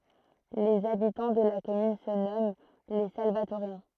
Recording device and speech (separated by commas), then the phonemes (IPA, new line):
throat microphone, read sentence
lez abitɑ̃ də la kɔmyn sə nɔmɑ̃ le salvatoʁjɛ̃